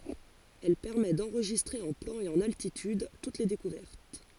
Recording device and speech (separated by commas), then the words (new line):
forehead accelerometer, read sentence
Elle permet d'enregistrer en plan et en altitude toutes les découvertes.